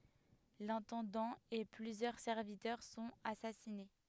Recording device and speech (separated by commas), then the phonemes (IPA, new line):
headset microphone, read sentence
lɛ̃tɑ̃dɑ̃ e plyzjœʁ sɛʁvitœʁ sɔ̃t asasine